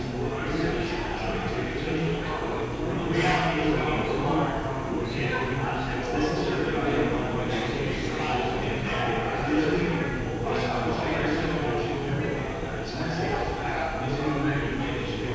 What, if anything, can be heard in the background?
Crowd babble.